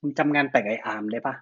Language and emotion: Thai, neutral